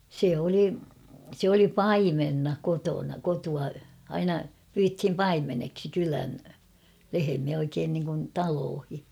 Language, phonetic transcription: Finnish, 'se oli , se ‿oli "paimenna 'kotona 'kotua , 'aina , pyythim ''paimeneksi 'kylän , 'lehemiä oikeen niŋkun 'taloohi .
- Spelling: se oli se oli paimenena kotona kotoa aina pyydettiin paimeneksi kylän lehmiä oikein niin kuin taloihin

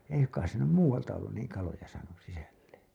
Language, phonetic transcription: Finnish, 'ei ‿suŋk̀ais se nym "muuwalta ollun niiŋ 'kaloja saanus 'sisällen̬ .
- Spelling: ei suinkaan se nyt muualta ollut niin kaloja saanut sisälleen

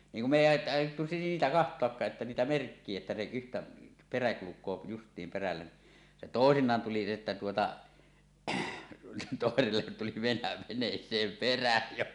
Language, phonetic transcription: Finnish, niiŋ kum 'me èi ài- , àij̆jottu 'siitä "kaht̀oakkaaˀ ˀettä 'niitä "merkkie etta se yhtä , 'perä 'kuluk̆koo "just̀iim 'perällä ni , 'se "tòesiǹaan tuli että 'tuota , 'tòesellet tuli venä̳- 'veǹees̀eem "perä jo .
- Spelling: niin kun me ei - aiottu siitä katsoakaan että niitä merkkiä että se yhtä perä kulkee justiin perällä niin se toisinaan tuli että tuota toiselle tuli - veneeseen perä jo

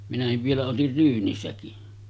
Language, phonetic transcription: Finnish, minähiv vielä otir 'ryynisäkin .
- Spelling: minäkin vielä otin ryynisäkin

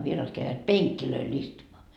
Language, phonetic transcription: Finnish, vieraat käivät "peŋkkilöil istumaa .
- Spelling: vieraat kävivät penkeille istumaan

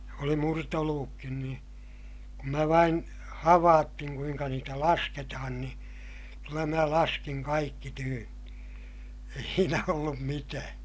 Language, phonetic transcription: Finnish, oli murtoluvukkin ni , kum mä vain , havaattiŋ kuiŋka niitä lasketahan ni , kyllä mä laskiŋ kaikki tyynnI , ei siinä ollum mitää .
- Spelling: oli murtoluvutkin niin kun minä vain havaitsin kuinka niitä lasketaan niin kyllä minä laskin kaikki tyynni ei siinä ollut mitään

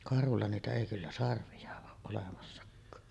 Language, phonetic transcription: Finnish, karhulla niitä 'èi kyllä "sarvi₍a oo’ ’olemassak̆kaa .
- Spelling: karhulla niitä ei kyllä sarvia ole olemassakaan

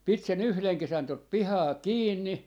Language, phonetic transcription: Finnish, 'pit se"n ‿yhleŋ 'kesän tot 'pihaa "kiinni .
- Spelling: piti sen yhden kesän tuota pihaa kiinni

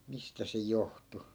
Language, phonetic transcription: Finnish, 'mistä se "johtu .
- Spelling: mistä se johtui

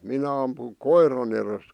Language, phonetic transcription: Finnish, 'minä ampu- , "koir̀an ‿erest .
- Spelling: minä - koiran edestä

